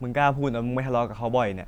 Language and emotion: Thai, frustrated